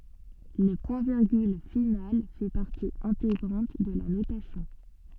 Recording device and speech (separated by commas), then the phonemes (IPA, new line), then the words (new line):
soft in-ear microphone, read sentence
lə pwɛ̃tviʁɡyl final fɛ paʁti ɛ̃teɡʁɑ̃t də la notasjɔ̃
Le point-virgule final fait partie intégrante de la notation.